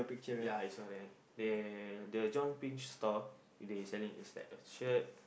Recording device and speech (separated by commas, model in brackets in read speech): boundary microphone, conversation in the same room